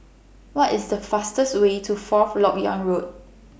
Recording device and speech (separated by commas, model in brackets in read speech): boundary microphone (BM630), read sentence